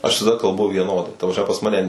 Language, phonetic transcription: Lithuanian, aš visaˈda kalˈbu vieˈnodai ta prasˈme pas ˈmane

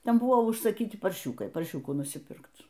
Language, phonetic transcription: Lithuanian, ˈten ˈbuvo užsaˈkyti parˈšiūkai parˈšiūkų nusyˈpirkt

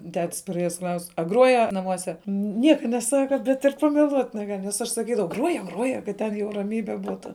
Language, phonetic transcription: Lithuanian, ˈtet's paˈrėjes ˈklaus' a ˈgruoje naˈmuose ˈnieka neˈsaka bet ir pameˈluot' neˈgal' nes ˈaš saˈkydavau ˈgruoje ˈgruoje kad ˈten jau raˈmybe ˈbūtu

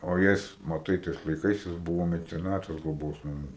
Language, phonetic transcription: Lithuanian, o ˈjis maˈtai ˈtais laiˈkais jis ˈbuvo meceˈnatas gloˈbos naˈmų

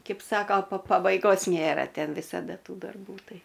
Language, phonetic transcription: Lithuanian, ˈkeip ˈsako pa pabaiˈgos ˈnėra ˈten visaˈda ˈtų darˈbų ˈtai

